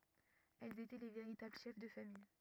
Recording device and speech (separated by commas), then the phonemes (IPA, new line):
rigid in-ear microphone, read sentence
ɛlz etɛ le veʁitabl ʃɛf də famij